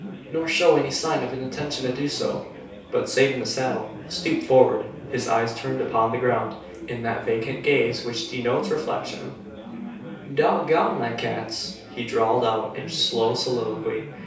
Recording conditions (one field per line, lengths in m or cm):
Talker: one person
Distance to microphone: 3.0 m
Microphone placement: far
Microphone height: 1.8 m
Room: small (3.7 m by 2.7 m)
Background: babble